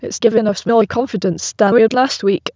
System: TTS, waveform concatenation